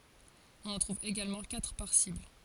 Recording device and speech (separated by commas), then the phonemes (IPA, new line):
forehead accelerometer, read sentence
ɔ̃n ɑ̃ tʁuv eɡalmɑ̃ katʁ paʁ sibl